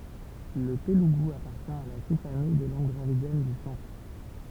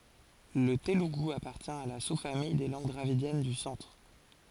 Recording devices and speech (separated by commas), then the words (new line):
temple vibration pickup, forehead accelerometer, read sentence
Le télougou appartient à la sous-famille des langues dravidiennes du centre.